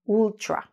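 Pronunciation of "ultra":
'Ultra' is pronounced incorrectly here: the u at the start is said like an oo, not as a short u sound.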